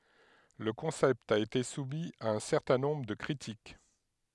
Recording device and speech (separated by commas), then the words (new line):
headset microphone, read sentence
Le concept a été soumis à un certain nombre de critiques.